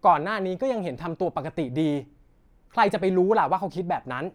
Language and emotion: Thai, frustrated